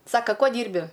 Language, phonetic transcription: Lithuanian, ˈsaka ˈkuo ˈdyrbi

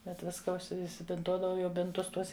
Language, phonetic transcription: Lithuanian, ˈbet ˈviska užsi isibinˈtuodavau ˈjau ˈbintus ˈtuos

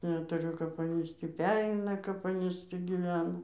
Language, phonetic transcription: Lithuanian, netuˈriu kap ˈanys tį ˈpereina kap ˈanys ˈtį gyˈvena

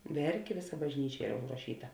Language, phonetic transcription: Lithuanian, ˈverkė ˈvėˌsa bažˈnyčia ˈyra užraˈšyta

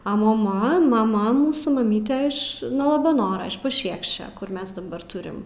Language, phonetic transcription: Lithuanian, a moˈma maˈma ˈmūsų maˈmyte ˈiš nuo labaˈnora iš paˈšiekščia kur ˈmes daˈbar ˈturim

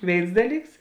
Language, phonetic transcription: Lithuanian, ˈvėins ˈdaˌlyks

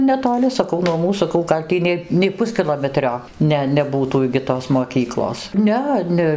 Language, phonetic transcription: Lithuanian, netoˈli saˈkau nuo ˈmūs saˈkau gal' ˈtį nei nei ˈpuskilometrio ˈne neˈbūtų igi ˈtos moˈkyklos ˈne ˈne

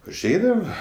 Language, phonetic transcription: Lithuanian, užˈeidava

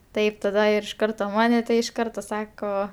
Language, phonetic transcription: Lithuanian, ˈtaip taˈda ir iš ˈkarto ˈmane tai iš ˈkarto ˈsako

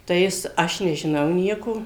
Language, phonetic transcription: Lithuanian, tai ˈjis ˈaš nežiˈnau ˈnieko

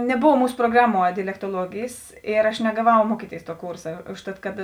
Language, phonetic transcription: Lithuanian, neˈbov ˈmūsu proˈgraˌmuo dialektuoˈluogėjės ˈir aš negaˈvau ˈmuokyˌtėis tuo ˈkūrsa ˈužˌtat kad

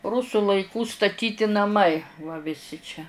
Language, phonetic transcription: Lithuanian, ˈrusu laiˈkų staˈtyti naˈmai va viˈsi čia

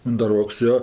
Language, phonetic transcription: Lithuanian, undaˈroks ˈjo

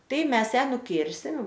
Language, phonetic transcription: Lithuanian, ˈtai ˈmes ˈją nuˈkirsim

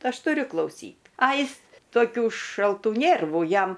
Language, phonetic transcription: Lithuanian, ˈaš tuˈriu klauˈsyt a ˈjis toˈkių šalˈtų ˈnėrvu ˈjam

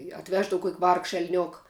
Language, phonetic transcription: Lithuanian, i atˈveždav kuok' vargš elˈniok

